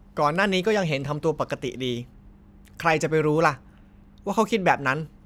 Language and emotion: Thai, neutral